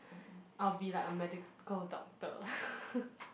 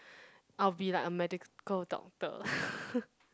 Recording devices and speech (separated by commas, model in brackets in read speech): boundary microphone, close-talking microphone, conversation in the same room